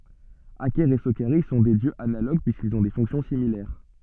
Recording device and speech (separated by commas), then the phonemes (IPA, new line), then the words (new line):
soft in-ear microphone, read sentence
akɛʁ e sokaʁis sɔ̃ dø djøz analoɡ pyiskilz ɔ̃ de fɔ̃ksjɔ̃ similɛʁ
Aker et Sokaris sont deux dieux analogues puisqu’ils ont des fonctions similaires.